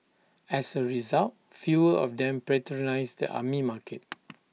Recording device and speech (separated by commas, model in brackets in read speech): mobile phone (iPhone 6), read sentence